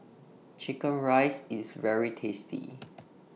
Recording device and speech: mobile phone (iPhone 6), read sentence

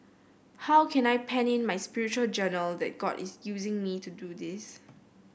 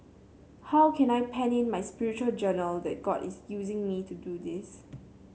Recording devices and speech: boundary microphone (BM630), mobile phone (Samsung C7), read sentence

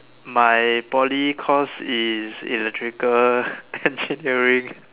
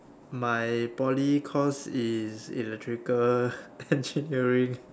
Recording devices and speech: telephone, standing microphone, conversation in separate rooms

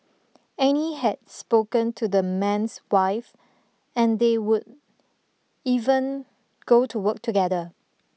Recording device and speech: mobile phone (iPhone 6), read sentence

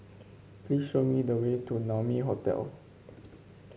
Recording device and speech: mobile phone (Samsung C5), read sentence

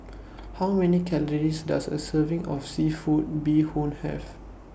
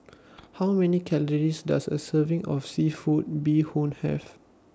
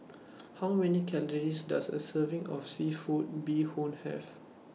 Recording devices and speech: boundary microphone (BM630), standing microphone (AKG C214), mobile phone (iPhone 6), read sentence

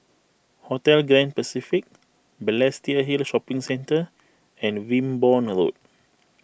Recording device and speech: boundary microphone (BM630), read sentence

